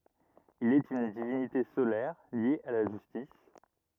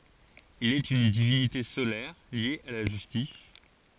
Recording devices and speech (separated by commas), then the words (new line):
rigid in-ear microphone, forehead accelerometer, read sentence
Il est une divinité solaire liée à la justice.